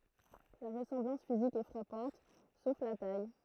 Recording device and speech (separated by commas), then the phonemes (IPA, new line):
throat microphone, read sentence
la ʁəsɑ̃blɑ̃s fizik ɛ fʁapɑ̃t sof la taj